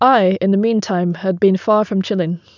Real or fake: real